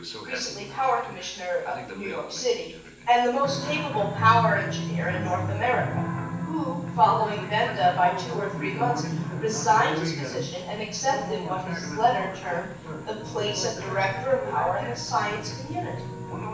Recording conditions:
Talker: one person; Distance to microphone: 9.8 m; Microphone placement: far; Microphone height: 1.8 m; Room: large; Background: television

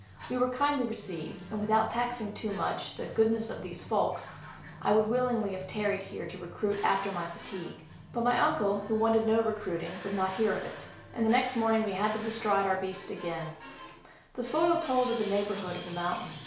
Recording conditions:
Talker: one person; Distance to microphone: 1.0 m; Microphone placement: close; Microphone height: 1.1 m; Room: small (3.7 m by 2.7 m); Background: television

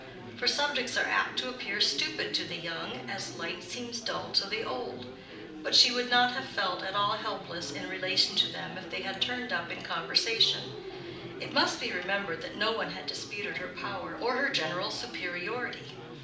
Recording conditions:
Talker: one person; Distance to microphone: 2.0 m; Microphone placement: close; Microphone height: 99 cm; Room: medium-sized (5.7 m by 4.0 m); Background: babble

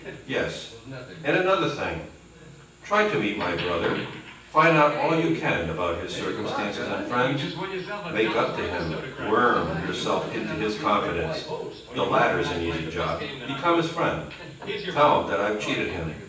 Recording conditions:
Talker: one person; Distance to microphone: 9.8 m; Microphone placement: far; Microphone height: 1.8 m; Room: large; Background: television

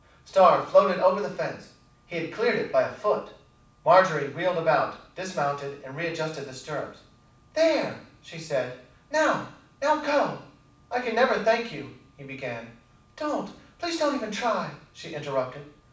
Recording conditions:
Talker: one person; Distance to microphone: 5.8 m; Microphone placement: far; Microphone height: 1.8 m; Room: medium-sized (5.7 m by 4.0 m); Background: none

